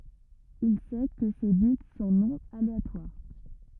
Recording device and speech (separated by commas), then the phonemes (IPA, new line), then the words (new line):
rigid in-ear microphone, read sentence
il sɛ kə se bit sɔ̃ nɔ̃ aleatwaʁ
Il sait que ces bits sont non aléatoires.